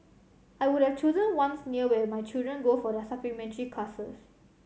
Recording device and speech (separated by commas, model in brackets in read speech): mobile phone (Samsung C7100), read sentence